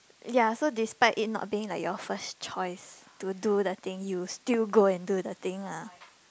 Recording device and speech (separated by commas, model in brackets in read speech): close-talking microphone, conversation in the same room